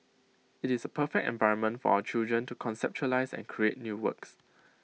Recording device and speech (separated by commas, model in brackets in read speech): mobile phone (iPhone 6), read sentence